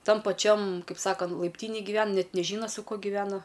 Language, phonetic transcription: Lithuanian, ˈtam paˈčiam ˈkaip ˈsakant laipˈtynėj gyˈven ˈnet neˈžyna su ˈkuo giveˈna

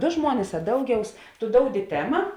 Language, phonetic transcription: Lithuanian, ˈdo ˈžmuonis a ˈdauˌgiaus tu ˈdoudi ˈtema

